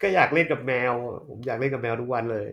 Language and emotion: Thai, neutral